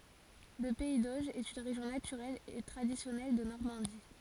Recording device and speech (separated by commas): forehead accelerometer, read sentence